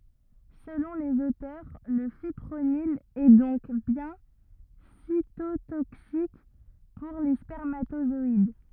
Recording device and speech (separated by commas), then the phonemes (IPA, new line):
rigid in-ear microphone, read sentence
səlɔ̃ lez otœʁ lə fipʁonil ɛ dɔ̃k bjɛ̃ sitotoksik puʁ le spɛʁmatozɔid